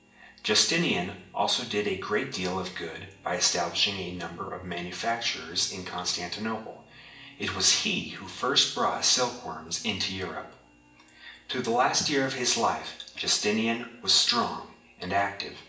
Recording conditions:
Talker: one person; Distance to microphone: 1.8 m; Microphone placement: close; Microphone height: 1.0 m; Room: large; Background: television

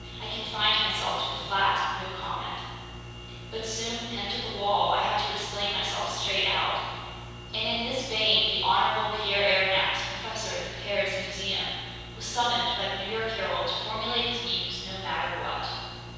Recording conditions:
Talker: one person; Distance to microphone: 7.1 m; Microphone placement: far; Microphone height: 1.7 m; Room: very reverberant, large; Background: none

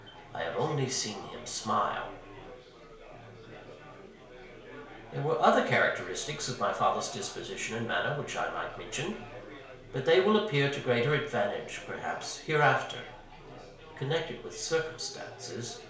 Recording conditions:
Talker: one person; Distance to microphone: 1.0 m; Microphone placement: close; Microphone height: 1.1 m; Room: small (3.7 m by 2.7 m); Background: babble

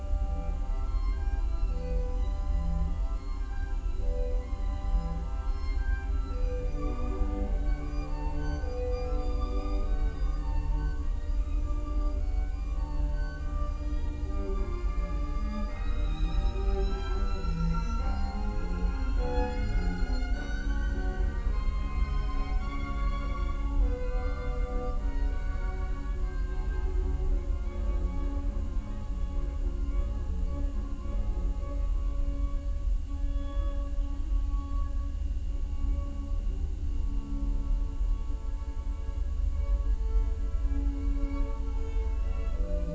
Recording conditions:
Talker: no one; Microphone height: 36 cm; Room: large; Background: music

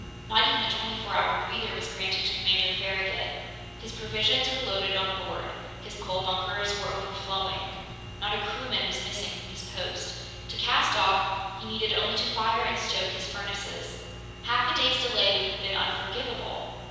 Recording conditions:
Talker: one person; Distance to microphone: 7.1 m; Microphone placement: far; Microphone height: 1.7 m; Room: very reverberant, large; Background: none

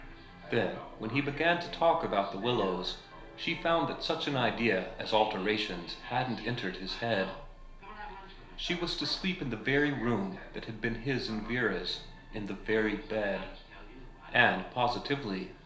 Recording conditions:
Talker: one person; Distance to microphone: 1.0 m; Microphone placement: close; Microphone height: 1.1 m; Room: small (3.7 m by 2.7 m); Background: television

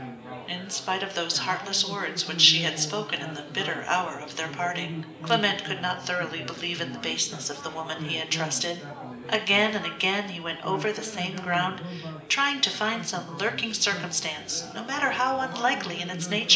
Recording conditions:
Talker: one person; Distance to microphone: 1.8 m; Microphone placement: close; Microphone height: 1.0 m; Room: large; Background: babble

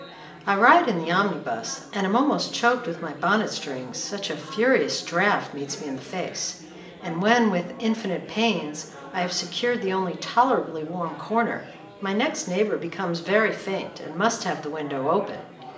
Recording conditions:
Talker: one person; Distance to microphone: 1.8 m; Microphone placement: close; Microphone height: 1.0 m; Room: large; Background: babble

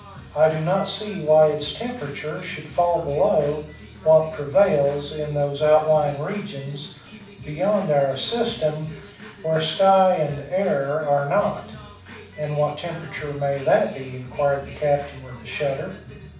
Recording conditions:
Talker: one person; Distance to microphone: 5.8 m; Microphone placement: far; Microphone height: 1.8 m; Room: medium-sized (5.7 m by 4.0 m); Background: music

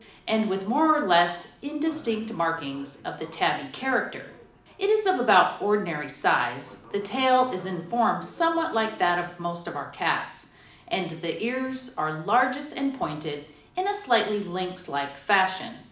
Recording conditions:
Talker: one person; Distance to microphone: 2.0 m; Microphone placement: close; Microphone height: 99 cm; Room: medium-sized (5.7 m by 4.0 m); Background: television

